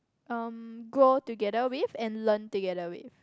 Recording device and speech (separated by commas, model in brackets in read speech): close-talking microphone, conversation in the same room